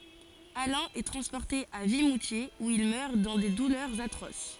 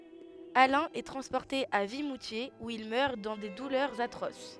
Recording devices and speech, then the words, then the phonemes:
forehead accelerometer, headset microphone, read sentence
Alain est transporté à Vimoutiers où il meurt dans des douleurs atroces.
alɛ̃ ɛ tʁɑ̃spɔʁte a vimutjez u il mœʁ dɑ̃ de dulœʁz atʁos

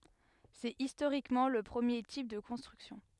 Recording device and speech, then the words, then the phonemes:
headset microphone, read sentence
C'est historiquement le premier type de construction.
sɛt istoʁikmɑ̃ lə pʁəmje tip də kɔ̃stʁyksjɔ̃

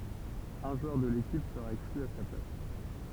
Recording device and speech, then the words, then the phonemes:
temple vibration pickup, read sentence
Un joueur de l'équipe sera exclu à sa place.
œ̃ ʒwœʁ də lekip səʁa ɛkskly a sa plas

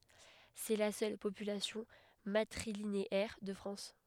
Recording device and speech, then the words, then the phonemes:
headset microphone, read sentence
C'est la seule population matrilinéaire de France.
sɛ la sœl popylasjɔ̃ matʁilineɛʁ də fʁɑ̃s

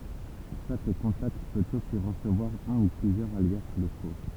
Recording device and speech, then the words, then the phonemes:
temple vibration pickup, read sentence
Chaque contact peut aussi recevoir un ou plusieurs alias locaux.
ʃak kɔ̃takt pøt osi ʁəsəvwaʁ œ̃ u plyzjœʁz alja loko

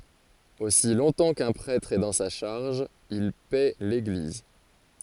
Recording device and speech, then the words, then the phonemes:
forehead accelerometer, read sentence
Aussi longtemps qu’un prêtre est dans sa charge, il paît l’Église.
osi lɔ̃tɑ̃ kœ̃ pʁɛtʁ ɛ dɑ̃ sa ʃaʁʒ il pɛ leɡliz

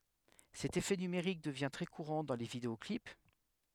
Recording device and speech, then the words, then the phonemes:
headset microphone, read sentence
Cet effet numérique devient très courant dans les vidéo-clips.
sɛt efɛ nymeʁik dəvjɛ̃ tʁɛ kuʁɑ̃ dɑ̃ le videɔklip

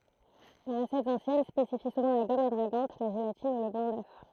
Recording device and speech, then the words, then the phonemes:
throat microphone, read sentence
Les recettes anciennes spécifient souvent la gomme adragante, la gélatine, ou le blanc d'œuf.
le ʁəsɛtz ɑ̃sjɛn spesifi suvɑ̃ la ɡɔm adʁaɡɑ̃t la ʒelatin u lə blɑ̃ dœf

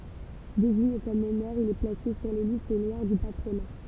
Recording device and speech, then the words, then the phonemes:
temple vibration pickup, read sentence
Désigné comme meneur, il est placé sur les listes noires du patronat.
deziɲe kɔm mənœʁ il ɛ plase syʁ le list nwaʁ dy patʁona

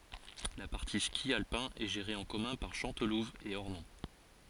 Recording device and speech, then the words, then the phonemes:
forehead accelerometer, read sentence
La partie ski alpin est gérée en commun par Chantelouve et Ornon.
la paʁti ski alpɛ̃ ɛ ʒeʁe ɑ̃ kɔmœ̃ paʁ ʃɑ̃tluv e ɔʁnɔ̃

